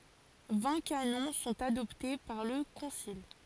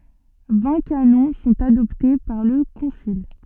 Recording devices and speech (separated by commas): forehead accelerometer, soft in-ear microphone, read sentence